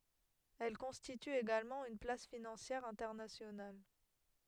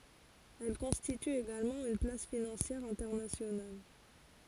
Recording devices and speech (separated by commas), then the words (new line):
headset microphone, forehead accelerometer, read sentence
Elle constitue également une place financière internationale.